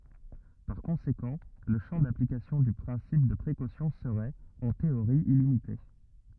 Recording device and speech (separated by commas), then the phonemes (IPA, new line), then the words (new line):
rigid in-ear microphone, read sentence
paʁ kɔ̃sekɑ̃ lə ʃɑ̃ daplikasjɔ̃ dy pʁɛ̃sip də pʁekosjɔ̃ səʁɛt ɑ̃ teoʁi ilimite
Par conséquent, le champ d'application du principe de précaution serait, en théorie illimité.